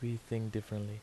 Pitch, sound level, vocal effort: 110 Hz, 77 dB SPL, soft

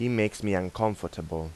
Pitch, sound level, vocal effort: 95 Hz, 85 dB SPL, normal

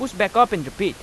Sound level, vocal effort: 94 dB SPL, loud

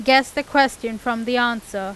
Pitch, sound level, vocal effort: 240 Hz, 92 dB SPL, loud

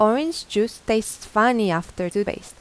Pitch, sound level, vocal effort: 215 Hz, 85 dB SPL, normal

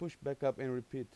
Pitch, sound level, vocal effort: 135 Hz, 89 dB SPL, normal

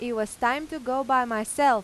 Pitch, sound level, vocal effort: 250 Hz, 93 dB SPL, loud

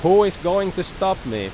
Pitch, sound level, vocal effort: 180 Hz, 93 dB SPL, very loud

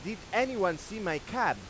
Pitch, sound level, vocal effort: 190 Hz, 99 dB SPL, very loud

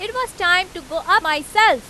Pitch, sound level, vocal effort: 365 Hz, 99 dB SPL, very loud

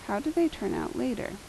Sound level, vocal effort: 79 dB SPL, soft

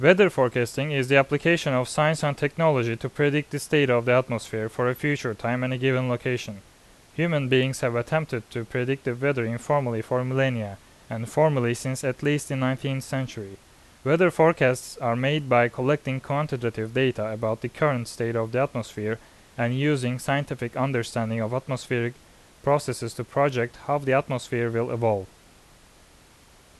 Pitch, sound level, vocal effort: 125 Hz, 86 dB SPL, loud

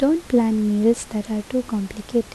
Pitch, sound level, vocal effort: 225 Hz, 75 dB SPL, soft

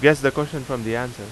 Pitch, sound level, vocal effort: 135 Hz, 90 dB SPL, loud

